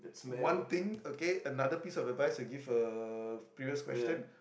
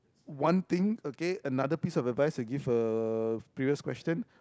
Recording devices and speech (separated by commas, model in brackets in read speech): boundary microphone, close-talking microphone, conversation in the same room